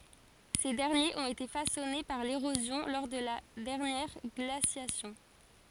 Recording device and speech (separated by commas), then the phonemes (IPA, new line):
forehead accelerometer, read sentence
se dɛʁnjez ɔ̃t ete fasɔne paʁ leʁozjɔ̃ lɔʁ də la dɛʁnjɛʁ ɡlasjasjɔ̃